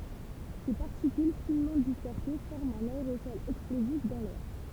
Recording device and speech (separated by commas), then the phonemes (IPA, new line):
temple vibration pickup, read sentence
se paʁtikyl finmɑ̃ dispɛʁse fɔʁmt œ̃n aeʁosɔl ɛksplozif dɑ̃ lɛʁ